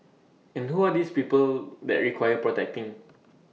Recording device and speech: mobile phone (iPhone 6), read sentence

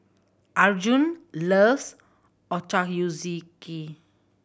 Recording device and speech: boundary microphone (BM630), read sentence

